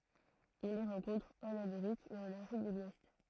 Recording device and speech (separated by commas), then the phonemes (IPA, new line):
throat microphone, read sentence
ɔ̃ le ʁɑ̃kɔ̃tʁ ɑ̃n ameʁik e ɑ̃n afʁik də lwɛst